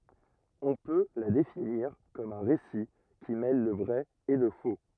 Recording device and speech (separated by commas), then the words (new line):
rigid in-ear microphone, read sentence
On peut la définir comme un récit qui mêle le vrai et le faux.